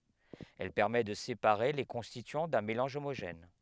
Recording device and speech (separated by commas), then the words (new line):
headset microphone, read sentence
Elle permet de séparer les constituants d'un mélange homogène.